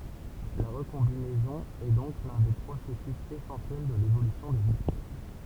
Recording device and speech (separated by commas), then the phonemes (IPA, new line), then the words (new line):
temple vibration pickup, read sentence
la ʁəkɔ̃binɛzɔ̃ ɛ dɔ̃k lœ̃ de pʁosɛsys esɑ̃sjɛl də levolysjɔ̃ dez ɛspɛs
La recombinaison est donc l'un des processus essentiels de l'évolution des espèces.